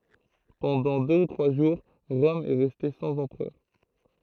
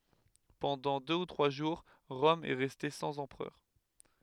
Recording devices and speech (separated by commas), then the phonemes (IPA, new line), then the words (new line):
throat microphone, headset microphone, read sentence
pɑ̃dɑ̃ dø u tʁwa ʒuʁ ʁɔm ɛ ʁɛste sɑ̃z ɑ̃pʁœʁ
Pendant deux ou trois jours, Rome est restée sans empereur.